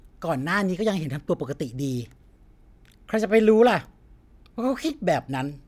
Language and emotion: Thai, frustrated